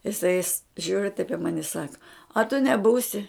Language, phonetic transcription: Lithuanian, iˈsai is ˈžiūri taip i ˈmani i ˈsaka a tu neˈbūsi

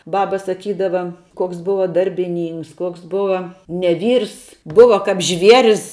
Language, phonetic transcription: Lithuanian, ˈbaba saˈkydava koks ˈbuva darbiˈnynks ˈkuoks ˈbuva ne ˈvyrs ˈbuva kap ˈžvieris

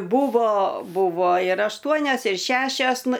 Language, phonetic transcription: Lithuanian, ˈbūvo ˈbuvo ir ašˈtuonias ir ˈšešias ˈnu

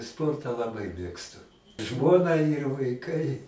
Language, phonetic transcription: Lithuanian, ˈsportą laˈbai ˈmėgstu ˈžmona ir vaiˈkai

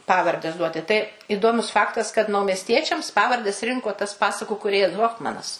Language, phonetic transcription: Lithuanian, ˈpavardes ˈduoti tai iˈdomus ˈfaktas kad naumesˈtiečiams ˈpavardes ˈrinko tas ˈpasaku kūˈrėjas ˈhofmanas

